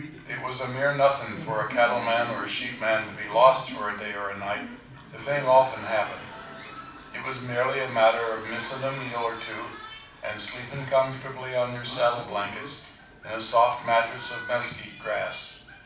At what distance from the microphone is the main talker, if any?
5.8 m.